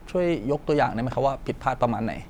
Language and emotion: Thai, neutral